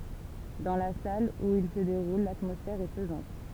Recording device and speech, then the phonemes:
temple vibration pickup, read sentence
dɑ̃ la sal u il sə deʁul latmɔsfɛʁ ɛ pəzɑ̃t

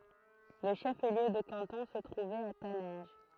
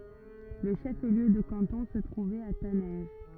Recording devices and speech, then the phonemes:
throat microphone, rigid in-ear microphone, read sentence
lə ʃəfliø də kɑ̃tɔ̃ sə tʁuvɛt a tanɛ̃ʒ

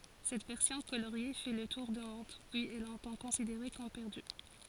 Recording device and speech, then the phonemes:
forehead accelerometer, read sentence
sɛt vɛʁsjɔ̃ koloʁje fɛ lə tuʁ dy mɔ̃d pyiz ɛ lɔ̃tɑ̃ kɔ̃sideʁe kɔm pɛʁdy

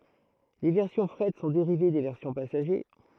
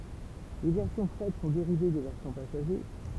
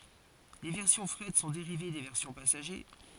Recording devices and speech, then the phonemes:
throat microphone, temple vibration pickup, forehead accelerometer, read sentence
le vɛʁsjɔ̃ fʁɛt sɔ̃ deʁive de vɛʁsjɔ̃ pasaʒe

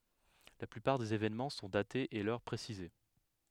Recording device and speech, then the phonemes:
headset microphone, read sentence
la plypaʁ dez evenmɑ̃ sɔ̃ datez e lœʁ pʁesize

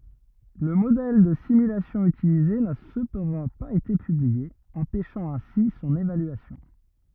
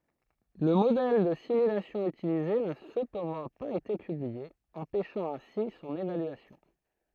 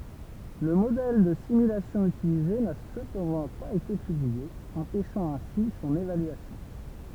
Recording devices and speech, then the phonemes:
rigid in-ear microphone, throat microphone, temple vibration pickup, read sentence
lə modɛl də simylasjɔ̃ ytilize na səpɑ̃dɑ̃ paz ete pyblie ɑ̃pɛʃɑ̃ ɛ̃si sɔ̃n evalyasjɔ̃

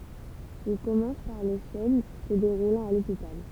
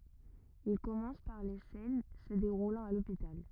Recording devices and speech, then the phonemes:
temple vibration pickup, rigid in-ear microphone, read sentence
il kɔmɑ̃s paʁ le sɛn sə deʁulɑ̃t a lopital

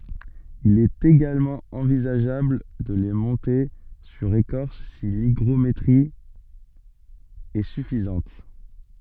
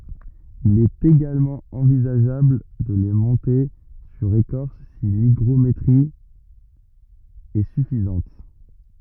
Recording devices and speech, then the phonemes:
soft in-ear microphone, rigid in-ear microphone, read sentence
il ɛt eɡalmɑ̃ ɑ̃vizaʒabl də le mɔ̃te syʁ ekɔʁs si liɡʁometʁi ɛ syfizɑ̃t

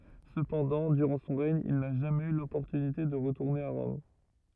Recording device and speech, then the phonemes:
rigid in-ear microphone, read sentence
səpɑ̃dɑ̃ dyʁɑ̃ sɔ̃ ʁɛɲ il na ʒamɛz y lɔpɔʁtynite də ʁətuʁne a ʁɔm

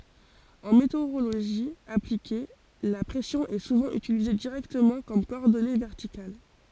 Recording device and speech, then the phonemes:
forehead accelerometer, read sentence
ɑ̃ meteoʁoloʒi aplike la pʁɛsjɔ̃ ɛ suvɑ̃ ytilize diʁɛktəmɑ̃ kɔm kɔɔʁdɔne vɛʁtikal

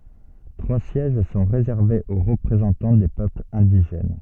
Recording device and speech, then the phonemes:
soft in-ear microphone, read sentence
tʁwa sjɛʒ sɔ̃ ʁezɛʁvez o ʁəpʁezɑ̃tɑ̃ de pøplz ɛ̃diʒɛn

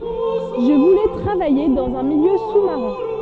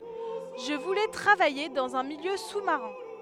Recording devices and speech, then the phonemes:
soft in-ear microphone, headset microphone, read sentence
ʒə vulɛ tʁavaje dɑ̃z œ̃ miljø su maʁɛ̃

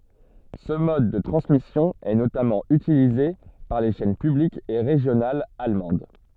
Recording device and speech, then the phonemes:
soft in-ear microphone, read sentence
sə mɔd də tʁɑ̃smisjɔ̃ ɛ notamɑ̃ ytilize paʁ le ʃɛn pyblikz e ʁeʒjonalz almɑ̃d

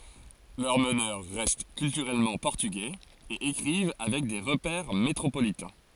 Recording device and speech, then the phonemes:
forehead accelerometer, read sentence
lœʁ mənœʁ ʁɛst kyltyʁɛlmɑ̃ pɔʁtyɡɛz e ekʁiv avɛk de ʁəpɛʁ metʁopolitɛ̃

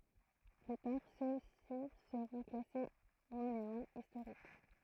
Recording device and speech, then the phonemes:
throat microphone, read sentence
ply taʁ søksi səʁɔ̃ klase monymɑ̃ istoʁik

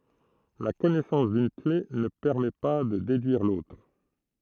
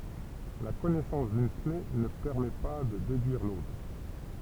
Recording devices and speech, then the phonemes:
throat microphone, temple vibration pickup, read sentence
la kɔnɛsɑ̃s dyn kle nə pɛʁmɛ pa də dedyiʁ lotʁ

